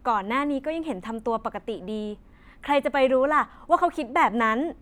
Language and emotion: Thai, happy